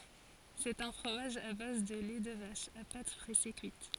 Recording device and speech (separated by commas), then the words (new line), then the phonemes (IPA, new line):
forehead accelerometer, read sentence
C'est un fromage à base de lait de vache, à pâte pressée cuite.
sɛt œ̃ fʁomaʒ a baz də lɛ də vaʃ a pat pʁɛse kyit